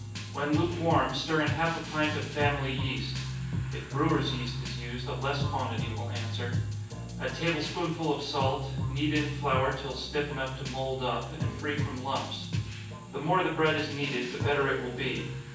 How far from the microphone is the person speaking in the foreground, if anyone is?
9.8 m.